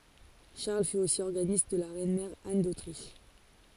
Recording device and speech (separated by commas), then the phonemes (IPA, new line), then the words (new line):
forehead accelerometer, read sentence
ʃaʁl fy osi ɔʁɡanist də la ʁɛnmɛʁ an dotʁiʃ
Charles fut aussi organiste de la reine-mère Anne d'Autriche.